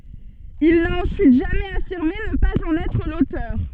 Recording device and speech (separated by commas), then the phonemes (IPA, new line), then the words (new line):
soft in-ear microphone, read sentence
il na ɑ̃syit ʒamɛz afiʁme nə paz ɑ̃n ɛtʁ lotœʁ
Il n'a ensuite jamais affirmé ne pas en être l'auteur.